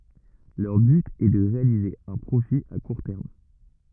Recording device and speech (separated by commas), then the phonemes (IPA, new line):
rigid in-ear microphone, read sentence
lœʁ byt ɛ də ʁealize œ̃ pʁofi a kuʁ tɛʁm